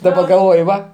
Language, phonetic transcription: Lithuanian, daˈba galˈvoj ˈva

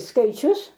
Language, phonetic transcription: Lithuanian, skaiˈčius

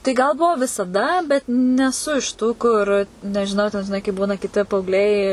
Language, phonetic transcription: Lithuanian, tai gal ˈbuvo visaˈda bet neˈsu iš tų ˈkur nežiˈnau ten žiˈnai kaip ˈbūna kiˈti paaugˈliai

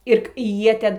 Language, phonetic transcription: Lithuanian, ir ˈjie ˈten

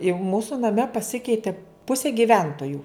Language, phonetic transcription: Lithuanian, i ˈmūsu naˈme paˈsikeiti ˈpusė giˈventoju

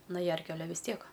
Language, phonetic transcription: Lithuanian, na ˈjerkiu aˈle vis ˈtiek

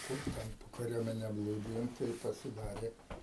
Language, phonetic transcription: Lithuanian, ˈkur ten po kaˈriuomene ˈblūdijom tai pasiˈdarė

